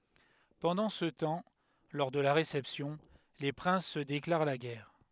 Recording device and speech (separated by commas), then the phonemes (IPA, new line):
headset microphone, read sentence
pɑ̃dɑ̃ sə tɑ̃ lɔʁ də la ʁesɛpsjɔ̃ le pʁɛ̃s sə deklaʁ la ɡɛʁ